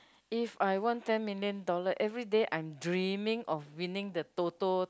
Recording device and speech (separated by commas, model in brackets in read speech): close-talking microphone, conversation in the same room